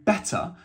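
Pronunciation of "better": In 'better', the t is sounded, not silent.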